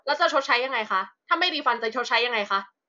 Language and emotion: Thai, angry